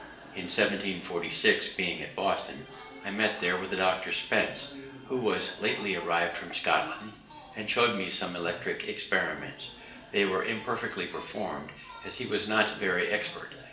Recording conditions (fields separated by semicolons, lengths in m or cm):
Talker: one person; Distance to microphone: 1.8 m; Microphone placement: close; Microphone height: 1.0 m; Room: large; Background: television